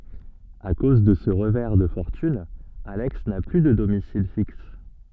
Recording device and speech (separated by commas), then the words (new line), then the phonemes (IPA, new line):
soft in-ear microphone, read sentence
À cause de ce revers de fortune, Alex n'a plus de domicile fixe.
a koz də sə ʁəvɛʁ də fɔʁtyn alɛks na ply də domisil fiks